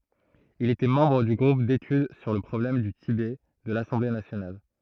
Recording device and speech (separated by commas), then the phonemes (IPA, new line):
throat microphone, read sentence
il etɛ mɑ̃bʁ dy ɡʁup detyd syʁ lə pʁɔblɛm dy tibɛ də lasɑ̃ble nasjonal